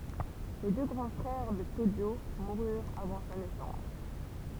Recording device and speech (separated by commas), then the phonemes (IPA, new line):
temple vibration pickup, read sentence
le dø ɡʁɑ̃ fʁɛʁ də toʒo muʁyʁt avɑ̃ sa nɛsɑ̃s